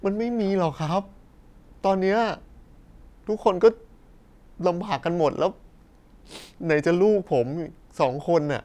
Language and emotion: Thai, sad